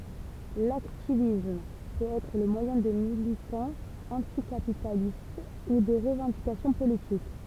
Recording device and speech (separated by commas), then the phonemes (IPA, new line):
temple vibration pickup, read sentence
laktivism pøt ɛtʁ lə mwajɛ̃ də militɑ̃z ɑ̃tikapitalist u də ʁəvɑ̃dikasjɔ̃ politik